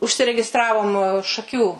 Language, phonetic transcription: Lithuanian, užsiregiˈstravom šaˈkių

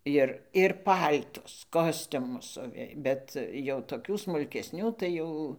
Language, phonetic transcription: Lithuanian, ˈjir ir ˈpal'tus ˈkostiumus ˈsuvė ˈbet jau toˈkių smulkesˈnių tai ˈjau

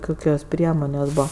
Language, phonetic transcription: Lithuanian, ˈkukios ˈpriemonės' ˈbūva

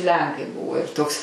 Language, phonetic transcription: Lithuanian, ˈlenkai ˈbuvo ir ˈtoks

